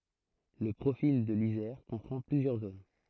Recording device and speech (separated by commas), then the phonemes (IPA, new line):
throat microphone, read sentence
lə pʁofil də lizɛʁ kɔ̃pʁɑ̃ plyzjœʁ zon